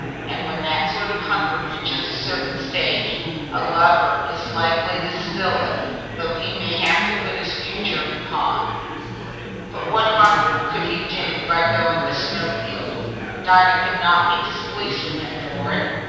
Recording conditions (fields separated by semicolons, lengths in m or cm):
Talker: one person; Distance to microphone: 7.1 m; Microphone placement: far; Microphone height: 1.7 m; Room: very reverberant, large; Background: babble